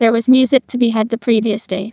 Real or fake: fake